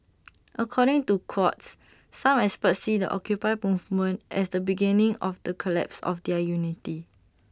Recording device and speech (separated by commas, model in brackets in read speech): standing microphone (AKG C214), read sentence